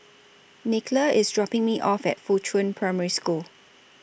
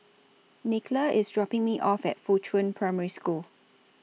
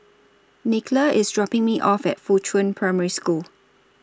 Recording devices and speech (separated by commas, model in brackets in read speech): boundary microphone (BM630), mobile phone (iPhone 6), standing microphone (AKG C214), read sentence